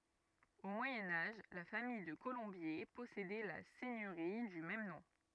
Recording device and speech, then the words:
rigid in-ear microphone, read sentence
Au Moyen Âge, la famille de Colombier possédait la seigneurie du même nom.

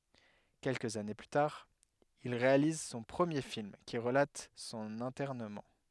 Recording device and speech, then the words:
headset microphone, read sentence
Quelques années plus tard, il réalise son premier film qui relate son internement.

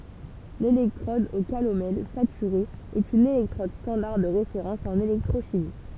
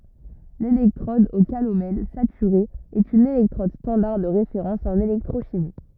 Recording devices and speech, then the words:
temple vibration pickup, rigid in-ear microphone, read sentence
L'électrode au calomel saturée est une électrode standard de référence en électrochimie.

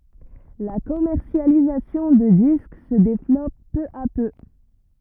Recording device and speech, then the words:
rigid in-ear microphone, read sentence
La commercialisation de disques se développe peu à peu.

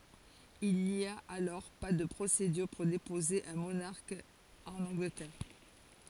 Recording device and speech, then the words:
forehead accelerometer, read sentence
Il n'y a alors pas de procédure pour déposer un monarque en Angleterre.

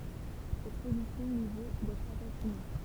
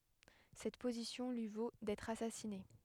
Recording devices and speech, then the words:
temple vibration pickup, headset microphone, read sentence
Cette position lui vaut d'être assassiné.

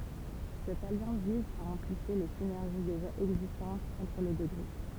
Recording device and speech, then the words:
temple vibration pickup, read sentence
Cette alliance vise à amplifier les synergies déjà existantes entre les deux groupes.

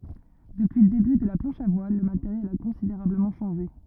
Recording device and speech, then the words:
rigid in-ear microphone, read sentence
Depuis le début de la planche à voile, le matériel a considérablement changé.

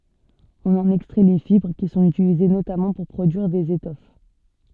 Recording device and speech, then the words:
soft in-ear microphone, read sentence
On en extrait les fibres, qui sont utilisées notamment pour produire des étoffes.

